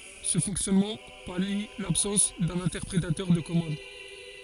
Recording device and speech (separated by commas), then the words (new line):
forehead accelerometer, read sentence
Ce fonctionnement pallie l'absence d'un interpréteur de commandes.